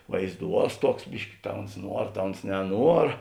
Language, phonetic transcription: Lithuanian, vaizˈduos ˈtuoks ˈbiški ta uns ˈnuor ta uns neˈnuor

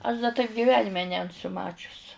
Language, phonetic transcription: Lithuanian, aš da taip giˈvenime nenˈsu ˈmačius

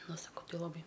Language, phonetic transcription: Lithuanian, ˈnu saˈkau ˈti laˈbai

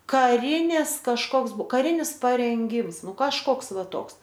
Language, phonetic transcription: Lithuanian, kaˈrinis kažˈkoks ˈbuo kaˈrinis parenˈgims ˈnu kažˈkoks ˈva ˈtoks

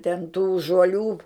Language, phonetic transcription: Lithuanian, ten tų žuoˈlių

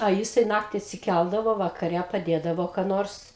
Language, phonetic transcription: Lithuanian, a ˈjisai ˈnakti atsiˈkældavo vakaˈre paˈdėdavo ką ˈnors

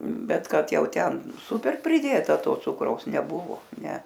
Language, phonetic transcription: Lithuanian, ˈbet ˈkad ˈjau ˈten ˈsuper priˈdėta ˈto ˈcukraus neˈbuvo ˈne

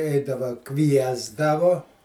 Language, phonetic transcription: Lithuanian, ˈeidava ˈkviesdavu

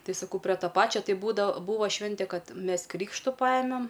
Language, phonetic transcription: Lithuanian, ˈtai saˈkau pre ˈto ˈpačio ˈtai ˈbūdavo ˈbūva ˈšvinte ˈkad ˈmes ˈkrykštu ˈpajemem

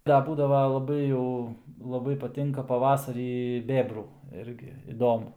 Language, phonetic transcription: Lithuanian, ˈda ˈbūdava laˈbai jau laˈbai paˈtinka paˈvasarį ˈbėbrų ˈirgi iˈdomu

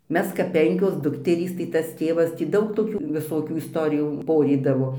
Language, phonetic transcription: Lithuanian, ˈmes kap ˈpenkios ˈdukterys tai ˈtas ˈtėvas tį ˈdaug toˈkių viˈsokių isˈtorijų ˈporydavo

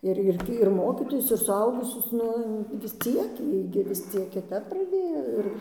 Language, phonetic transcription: Lithuanian, ir ˈirgi ir ˈmokytojus ir suˈaugusius ˈnu vis ˈciek ˈjie gi vis ˈciek kiˈtap praˈdėjo ir

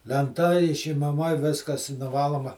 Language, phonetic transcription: Lithuanian, lenˈta išimaˈma ˈviskas i nuˈvaloma

